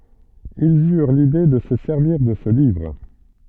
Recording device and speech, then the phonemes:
soft in-ear microphone, read sentence
ilz yʁ lide də sə sɛʁviʁ də sə livʁ

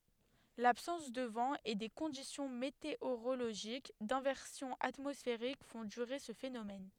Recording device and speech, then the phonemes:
headset microphone, read sentence
labsɑ̃s də vɑ̃ e de kɔ̃disjɔ̃ meteoʁoloʒik dɛ̃vɛʁsjɔ̃ atmɔsfeʁik fɔ̃ dyʁe sə fenomɛn

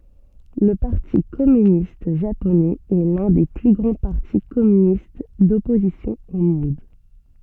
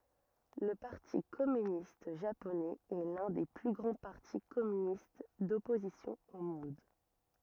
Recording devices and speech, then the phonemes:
soft in-ear microphone, rigid in-ear microphone, read sentence
lə paʁti kɔmynist ʒaponɛz ɛ lœ̃ de ply ɡʁɑ̃ paʁti kɔmynist dɔpozisjɔ̃ o mɔ̃d

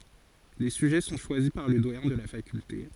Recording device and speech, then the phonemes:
forehead accelerometer, read sentence
le syʒɛ sɔ̃ ʃwazi paʁ lə dwajɛ̃ də la fakylte

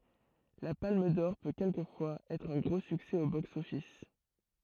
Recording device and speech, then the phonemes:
throat microphone, read sentence
la palm dɔʁ pø kɛlkəfwaz ɛtʁ œ̃ ɡʁo syksɛ o bɔks ɔfis

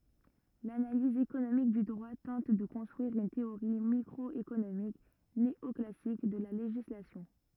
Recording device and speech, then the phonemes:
rigid in-ear microphone, read sentence
lanaliz ekonomik dy dʁwa tɑ̃t də kɔ̃stʁyiʁ yn teoʁi mikʁɔekonomik neɔklasik də la leʒislasjɔ̃

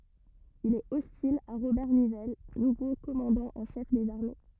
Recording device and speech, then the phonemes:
rigid in-ear microphone, read sentence
il ɛt ɔstil a ʁobɛʁ nivɛl nuvo kɔmɑ̃dɑ̃ ɑ̃ ʃɛf dez aʁme

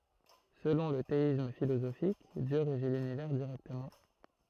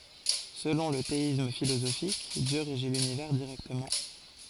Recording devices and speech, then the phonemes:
throat microphone, forehead accelerometer, read sentence
səlɔ̃ lə teism filozofik djø ʁeʒi lynivɛʁ diʁɛktəmɑ̃

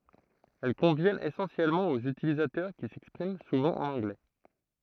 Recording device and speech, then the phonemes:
throat microphone, read sentence
ɛl kɔ̃vjɛnt esɑ̃sjɛlmɑ̃ oz ytilizatœʁ ki sɛkspʁim suvɑ̃ ɑ̃n ɑ̃ɡlɛ

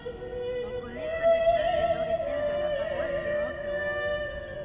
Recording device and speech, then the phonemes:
rigid in-ear microphone, read sentence
ɔ̃ kɔnɛ pø də ʃoz dez oʁiʒin də la paʁwas də mɔ̃tbuʁ

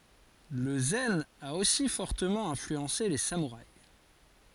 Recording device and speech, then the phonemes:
forehead accelerometer, read sentence
lə zɛn a osi fɔʁtəmɑ̃ ɛ̃flyɑ̃se le samuʁais

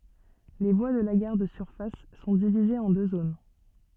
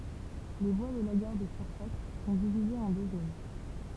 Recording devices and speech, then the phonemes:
soft in-ear microphone, temple vibration pickup, read sentence
le vwa də la ɡaʁ də syʁfas sɔ̃ divizez ɑ̃ dø zon

